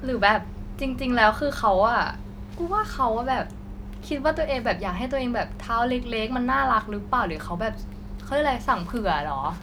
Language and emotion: Thai, frustrated